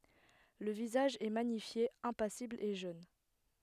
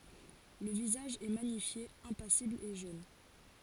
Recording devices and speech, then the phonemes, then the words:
headset microphone, forehead accelerometer, read sentence
lə vizaʒ ɛ maɲifje ɛ̃pasibl e ʒøn
Le visage est magnifié, impassible et jeune.

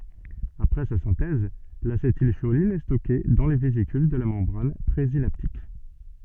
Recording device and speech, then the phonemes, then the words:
soft in-ear microphone, read sentence
apʁɛ sa sɛ̃tɛz lasetilʃolin ɛ stɔke dɑ̃ le vezikyl də la mɑ̃bʁan pʁezinaptik
Après sa synthèse, l'acétylcholine est stockée dans les vésicules de la membrane présynaptique.

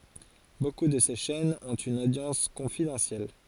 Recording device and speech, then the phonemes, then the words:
forehead accelerometer, read sentence
boku də se ʃɛnz ɔ̃t yn odjɑ̃s kɔ̃fidɑ̃sjɛl
Beaucoup de ces chaînes ont une audience confidentielle.

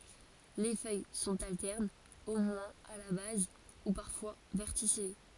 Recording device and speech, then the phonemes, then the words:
forehead accelerometer, read sentence
le fœj sɔ̃t altɛʁnz o mwɛ̃z a la baz u paʁfwa vɛʁtisije
Les feuilles sont alternes, au moins à la base, ou parfois verticillées.

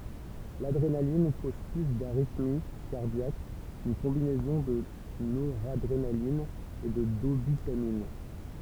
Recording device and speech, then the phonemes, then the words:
temple vibration pickup, read sentence
ladʁenalin koz ply daʁitmi kaʁdjak kyn kɔ̃binɛzɔ̃ də noʁadʁenalin e də dobytamin
L'adrénaline cause plus d'arythmie cardiaque qu'une combinaison de noradrénaline et de dobutamine.

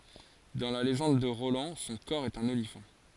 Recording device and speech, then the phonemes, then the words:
forehead accelerometer, read sentence
dɑ̃ la leʒɑ̃d də ʁolɑ̃ sɔ̃ kɔʁ ɛt œ̃n olifɑ̃
Dans la légende de Roland son cor est un olifant.

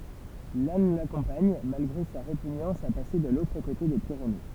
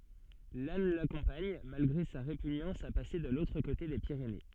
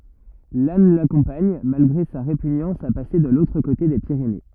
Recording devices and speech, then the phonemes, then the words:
temple vibration pickup, soft in-ear microphone, rigid in-ear microphone, read sentence
lan lakɔ̃paɲ malɡʁe sa ʁepyɲɑ̃s a pase də lotʁ kote de piʁene
Lannes l'accompagne, malgré sa répugnance à passer de l'autre côté des Pyrénées.

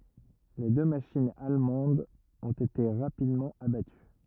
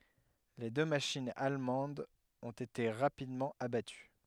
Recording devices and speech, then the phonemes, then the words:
rigid in-ear microphone, headset microphone, read sentence
le dø maʃinz almɑ̃dz ɔ̃t ete ʁapidmɑ̃ abaty
Les deux machines allemandes ont été rapidement abattues.

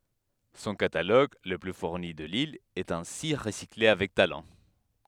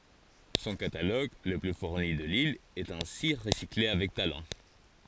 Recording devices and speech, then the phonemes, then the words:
headset microphone, forehead accelerometer, read sentence
sɔ̃ kataloɡ lə ply fuʁni də lil ɛt ɛ̃si ʁəsikle avɛk talɑ̃
Son catalogue, le plus fourni de l’île, est ainsi recyclé avec talent.

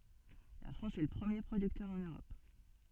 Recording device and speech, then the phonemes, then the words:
soft in-ear microphone, read sentence
la fʁɑ̃s ɛ lə pʁəmje pʁodyktœʁ ɑ̃n øʁɔp
La France est le premier producteur en Europe.

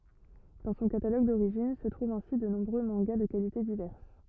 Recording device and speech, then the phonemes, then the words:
rigid in-ear microphone, read sentence
dɑ̃ sɔ̃ kataloɡ doʁiʒin sə tʁuvt ɛ̃si də nɔ̃bʁø mɑ̃ɡa də kalite divɛʁs
Dans son catalogue d'origine se trouvent ainsi de nombreux mangas de qualités diverses.

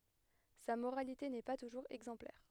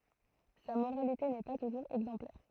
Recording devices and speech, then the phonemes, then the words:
headset microphone, throat microphone, read sentence
sa moʁalite nɛ pa tuʒuʁz ɛɡzɑ̃plɛʁ
Sa moralité n'est pas toujours exemplaire.

